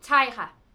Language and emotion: Thai, frustrated